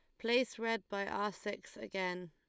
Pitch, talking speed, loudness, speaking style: 205 Hz, 175 wpm, -38 LUFS, Lombard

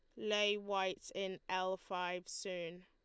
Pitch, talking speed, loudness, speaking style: 185 Hz, 135 wpm, -39 LUFS, Lombard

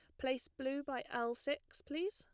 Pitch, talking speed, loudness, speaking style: 275 Hz, 190 wpm, -41 LUFS, plain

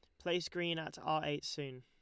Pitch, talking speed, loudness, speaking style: 155 Hz, 220 wpm, -39 LUFS, Lombard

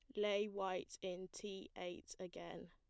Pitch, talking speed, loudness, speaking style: 190 Hz, 145 wpm, -46 LUFS, plain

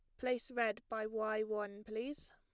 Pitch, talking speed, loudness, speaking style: 220 Hz, 170 wpm, -40 LUFS, plain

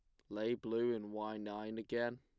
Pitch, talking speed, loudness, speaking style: 110 Hz, 195 wpm, -41 LUFS, plain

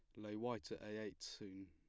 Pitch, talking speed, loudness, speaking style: 105 Hz, 240 wpm, -49 LUFS, plain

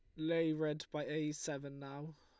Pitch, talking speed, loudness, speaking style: 155 Hz, 180 wpm, -40 LUFS, Lombard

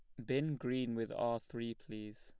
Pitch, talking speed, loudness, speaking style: 120 Hz, 190 wpm, -40 LUFS, plain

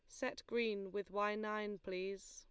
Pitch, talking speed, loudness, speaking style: 205 Hz, 170 wpm, -42 LUFS, Lombard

